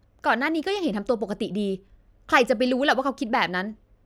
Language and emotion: Thai, frustrated